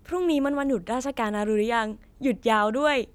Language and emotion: Thai, happy